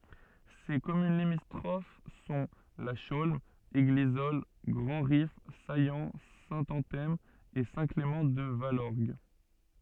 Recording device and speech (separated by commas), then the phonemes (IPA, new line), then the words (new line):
soft in-ear microphone, read sentence
se kɔmyn limitʁof sɔ̃ la ʃolm eɡlizɔl ɡʁɑ̃dʁif sajɑ̃ sɛ̃tɑ̃tɛm e sɛ̃tklemɑ̃tdvalɔʁɡ
Ses communes limitrophes sont La Chaulme, Églisolles, Grandrif, Saillant, Saint-Anthème et Saint-Clément-de-Valorgue.